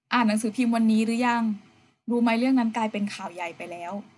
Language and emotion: Thai, neutral